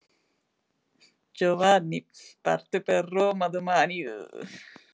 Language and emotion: Italian, sad